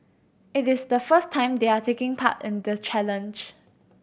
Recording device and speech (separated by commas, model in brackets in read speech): boundary microphone (BM630), read sentence